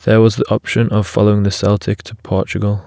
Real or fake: real